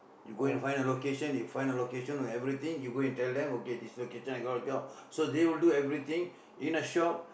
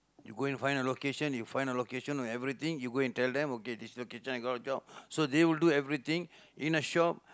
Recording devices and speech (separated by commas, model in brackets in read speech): boundary microphone, close-talking microphone, conversation in the same room